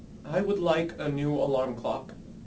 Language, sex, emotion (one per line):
English
male
neutral